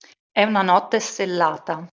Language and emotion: Italian, neutral